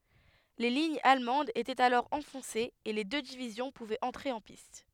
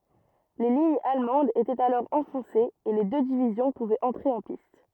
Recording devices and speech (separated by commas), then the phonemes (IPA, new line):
headset microphone, rigid in-ear microphone, read sentence
le liɲz almɑ̃dz etɛt alɔʁ ɑ̃fɔ̃sez e le dø divizjɔ̃ puvɛt ɑ̃tʁe ɑ̃ pist